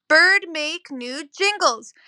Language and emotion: English, neutral